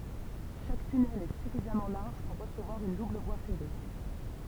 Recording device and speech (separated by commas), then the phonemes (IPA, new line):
temple vibration pickup, read sentence
ʃak tynɛl ɛ syfizamɑ̃ laʁʒ puʁ ʁəsəvwaʁ yn dubl vwa fɛʁe